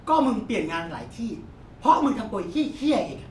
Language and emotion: Thai, angry